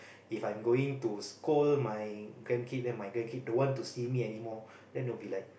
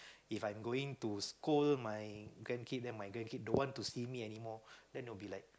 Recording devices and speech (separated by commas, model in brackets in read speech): boundary microphone, close-talking microphone, conversation in the same room